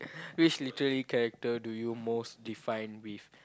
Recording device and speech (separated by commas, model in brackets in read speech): close-talking microphone, conversation in the same room